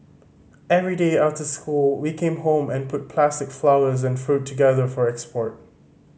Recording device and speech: mobile phone (Samsung C5010), read sentence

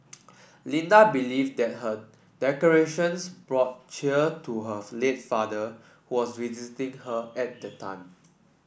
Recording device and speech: boundary microphone (BM630), read sentence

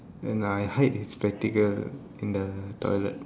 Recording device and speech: standing microphone, conversation in separate rooms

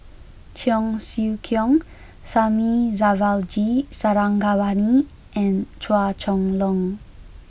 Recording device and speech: boundary microphone (BM630), read sentence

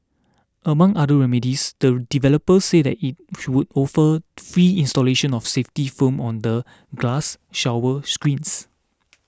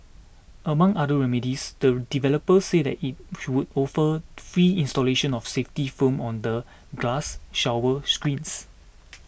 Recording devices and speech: standing microphone (AKG C214), boundary microphone (BM630), read sentence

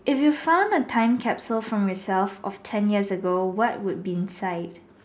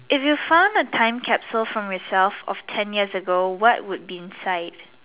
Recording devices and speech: standing microphone, telephone, conversation in separate rooms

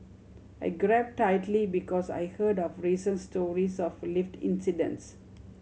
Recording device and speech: mobile phone (Samsung C7100), read sentence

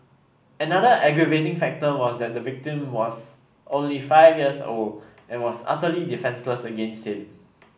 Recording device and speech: boundary microphone (BM630), read sentence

